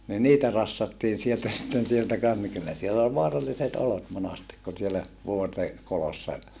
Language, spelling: Finnish, niin niitä rassattiin sieltä sitten sieltä kanssa niin kyllä siellä oli vaaralliset olot monasti kun siellä vuorten kolossa
- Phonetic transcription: ni niitä rassattiin̬ sieltä sitten sieltä kans ni kyllä siellä ol voaralliset olot monastik kun sielä , vuorte , kolossa ,.

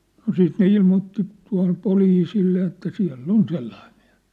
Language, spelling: Finnish, no siitä ne ilmoitti tuohon poliisille ja että siellä on sellainen mies
- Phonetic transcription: no 'siit ne 'ilmootti , tua̭hŏm 'poliisille ja että 'siä̭l"l ‿on 'sellaiᴍ ᴍɪᴀ̭̈s .

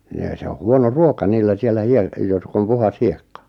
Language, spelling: Finnish, ne se on huono ruoka niillä siellä - jotka on puhdas hiekka
- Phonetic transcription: nee 'se o "huono "ruoka 'niillä 'siellä 'hie- , 'jotk ‿om 'puhas "hiekka .

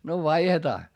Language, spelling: Finnish, no vaihdetaan
- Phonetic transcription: no vaihetaa .

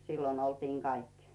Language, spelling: Finnish, silloin oltiin kaikki
- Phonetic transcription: sillon ‿oltiiŋ 'kaikkɪ .

